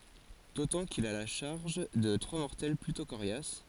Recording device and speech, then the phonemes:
forehead accelerometer, read sentence
dotɑ̃ kil a la ʃaʁʒ də tʁwa mɔʁtɛl plytɔ̃ koʁjas

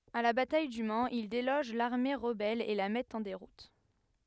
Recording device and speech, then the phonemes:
headset microphone, read sentence
a la bataj dy manz il deloʒ laʁme ʁəbɛl e la mɛtt ɑ̃ deʁut

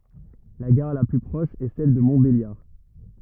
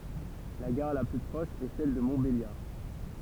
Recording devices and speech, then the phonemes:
rigid in-ear microphone, temple vibration pickup, read sentence
la ɡaʁ la ply pʁɔʃ ɛ sɛl də mɔ̃tbeljaʁ

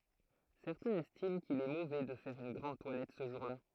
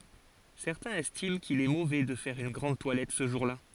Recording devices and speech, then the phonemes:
throat microphone, forehead accelerometer, read sentence
sɛʁtɛ̃z ɛstim kil ɛ movɛ də fɛʁ yn ɡʁɑ̃d twalɛt sə ʒuʁla

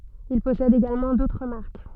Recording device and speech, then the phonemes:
soft in-ear microphone, read sentence
il pɔsɛd eɡalmɑ̃ dotʁ maʁk

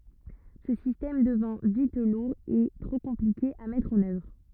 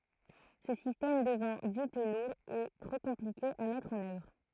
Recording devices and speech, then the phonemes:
rigid in-ear microphone, throat microphone, read sentence
sə sistɛm dəvɛ̃ vit luʁ e tʁo kɔ̃plike a mɛtʁ ɑ̃n œvʁ

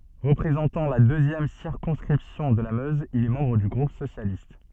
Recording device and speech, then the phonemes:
soft in-ear microphone, read sentence
ʁəpʁezɑ̃tɑ̃ la døzjɛm siʁkɔ̃skʁipsjɔ̃ də la møz il ɛ mɑ̃bʁ dy ɡʁup sosjalist

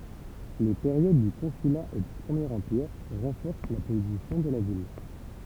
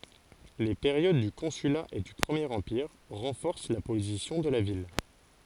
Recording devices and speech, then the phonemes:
temple vibration pickup, forehead accelerometer, read sentence
le peʁjod dy kɔ̃syla e dy pʁəmjeʁ ɑ̃piʁ ʁɑ̃fɔʁs la pozisjɔ̃ də la vil

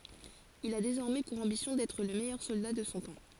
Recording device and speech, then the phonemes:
forehead accelerometer, read sentence
il a dezɔʁmɛ puʁ ɑ̃bisjɔ̃ dɛtʁ lə mɛjœʁ sɔlda də sɔ̃ tɑ̃

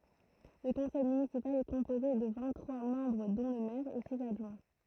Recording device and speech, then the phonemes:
throat microphone, read sentence
lə kɔ̃sɛj mynisipal ɛ kɔ̃poze də vɛ̃t tʁwa mɑ̃bʁ dɔ̃ lə mɛʁ e siz adʒwɛ̃

